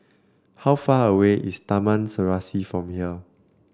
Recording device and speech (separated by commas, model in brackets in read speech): standing microphone (AKG C214), read sentence